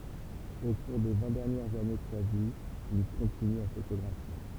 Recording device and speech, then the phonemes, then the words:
temple vibration pickup, read sentence
o kuʁ de vɛ̃ dɛʁnjɛʁz ane də sa vi il kɔ̃tiny a fotoɡʁafje
Au cours des vingt dernières années de sa vie, il continue à photographier.

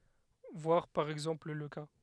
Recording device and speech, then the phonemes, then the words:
headset microphone, read sentence
vwaʁ paʁ ɛɡzɑ̃pl lə ka
Voir par exemple le cas.

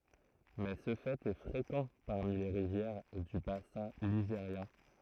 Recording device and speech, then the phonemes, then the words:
throat microphone, read sentence
mɛ sə fɛt ɛ fʁekɑ̃ paʁmi le ʁivjɛʁ dy basɛ̃ liʒeʁjɛ̃
Mais ce fait est fréquent parmi les rivières du bassin ligérien.

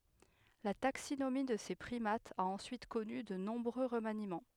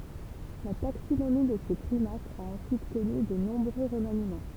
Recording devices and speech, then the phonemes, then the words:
headset microphone, temple vibration pickup, read sentence
la taksinomi də se pʁimatz a ɑ̃syit kɔny də nɔ̃bʁø ʁəmanimɑ̃
La taxinomie de ces primates a ensuite connu de nombreux remaniements.

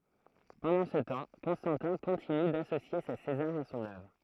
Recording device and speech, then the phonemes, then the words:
throat microphone, read sentence
pɑ̃dɑ̃ sə tɑ̃ kɔ̃stɑ̃tɛ̃ kɔ̃tiny dasosje se sezaʁz a sɔ̃n œvʁ
Pendant ce temps, Constantin continue d'associer ses Césars à son œuvre.

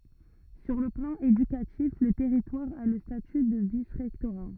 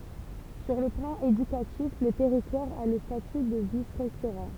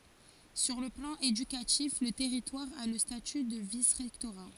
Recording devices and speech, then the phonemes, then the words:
rigid in-ear microphone, temple vibration pickup, forehead accelerometer, read sentence
syʁ lə plɑ̃ edykatif lə tɛʁitwaʁ a lə staty də visʁɛktoʁa
Sur le plan éducatif, le territoire a le statut de vice-rectorat.

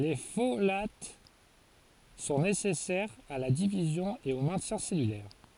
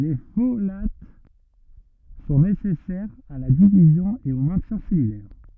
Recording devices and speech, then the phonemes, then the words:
forehead accelerometer, rigid in-ear microphone, read sentence
le folat sɔ̃ nesɛsɛʁz a la divizjɔ̃ e o mɛ̃tjɛ̃ sɛlylɛʁ
Les folates sont nécessaires à la division et au maintien cellulaire.

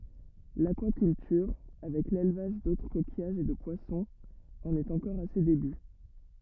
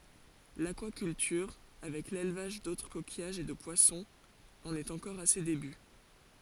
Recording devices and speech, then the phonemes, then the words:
rigid in-ear microphone, forehead accelerometer, read sentence
lakwakyltyʁ avɛk lelvaʒ dotʁ kokijaʒz e də pwasɔ̃z ɑ̃n ɛt ɑ̃kɔʁ a se deby
L'aquaculture, avec l'élevage d'autres coquillages et de poissons, en est encore à ses débuts.

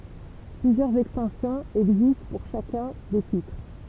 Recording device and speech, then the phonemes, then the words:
temple vibration pickup, read sentence
plyzjœʁz ɛkstɑ̃sjɔ̃z ɛɡzist puʁ ʃakœ̃ de titʁ
Plusieurs extensions existent pour chacun des titres.

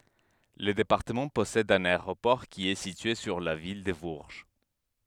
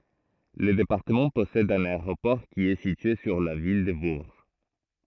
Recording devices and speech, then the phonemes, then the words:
headset microphone, throat microphone, read sentence
lə depaʁtəmɑ̃ pɔsɛd œ̃n aeʁopɔʁ ki ɛ sitye syʁ la vil də buʁʒ
Le département possède un aéroport qui est situé sur la ville de Bourges.

